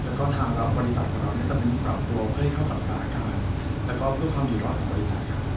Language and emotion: Thai, neutral